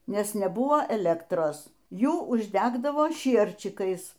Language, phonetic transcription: Lithuanian, ˈnes neˈbuvo eˈlektros ˈjų užˈdegdavo ˈšierčikais

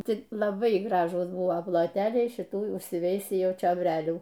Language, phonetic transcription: Lithuanian, ˈti laˈbai ˈgražūs ˈbuvo ploˈteliai šiˈtų užsiˈveisį ˈjau čiobˈrelių

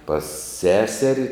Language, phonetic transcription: Lithuanian, pas ˈseseri

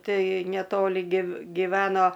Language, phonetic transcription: Lithuanian, ˈtai neˈtoli giv giˈveno

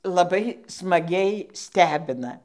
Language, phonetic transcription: Lithuanian, laˈbai smaˈgiai ˈstebina

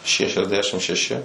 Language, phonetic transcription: Lithuanian, šešiasˈdešim šeˈši

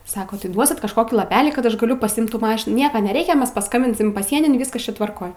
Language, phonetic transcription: Lithuanian, ˈsako tai ˈduosit kažˈkokį laˈpelį kad ˈaš gaˈliu pasiˈimt ˈtų ˈmašinų ˈnieka neˈreikia ˈmes paˈskambinsim paˈsienin ˈviskas ˈčia tvarˈkoj

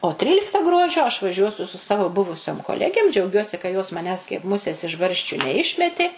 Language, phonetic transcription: Lithuanian, o ˈtrylikta ˈgruodžio aš vaˈžiuosiu su ˈsavo ˈbuvusiom koˈlegėm džiauˈgiuosi ka jos maˈnęs kaip ˈmusės iš ˈbarščiu neˈišmetė

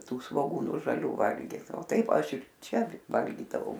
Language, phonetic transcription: Lithuanian, ˈtų svoˈgūnu žaˈlių ˈvalgit o ˈtaip ˈaš ir ˈčia ˈvalgydavau

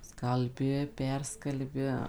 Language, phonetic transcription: Lithuanian, skalˈbi ˈperskalbi

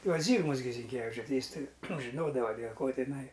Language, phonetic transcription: Lithuanian, ˈjuos ˈzygmas gi zinˈkevičiu ˈtai ˈjis ˈtai nu ˈžinodava dėl ko tiˈnai

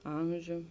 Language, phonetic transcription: Lithuanian, ˈamžiu

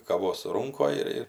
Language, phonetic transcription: Lithuanian, kaˈvos ˈrūnkoj ir ˈir

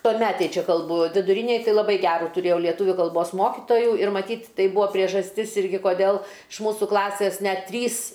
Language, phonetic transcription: Lithuanian, tuoˈmetėj ˈčia kalˈbu viduˈrynėj ˈtai laˈbai ˈgerų tuˈrėjau lieˈtuviu kalˈbos ˈmokitoju ir maˈtyt' ˈtai ˈbuo priežasˈtis ˈirgi koˈdel iš ˈmūsų ˈklasės ˈnet ˈtrys

